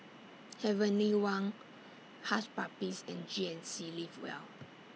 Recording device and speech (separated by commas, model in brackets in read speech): mobile phone (iPhone 6), read sentence